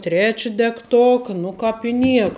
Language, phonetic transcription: Lithuanian, ˈtreči degˈtoka ˈnu kāp i ˈnieka

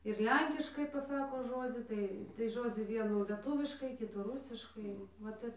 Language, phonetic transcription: Lithuanian, ir ˈlenkiškai paˈsako ˈžodzį ˈtai tai ˈžodzį ˈvienų leˈtuviškai ˈkitų ˈrusiškai va ˈtep

